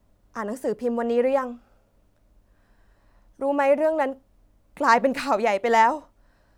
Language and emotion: Thai, sad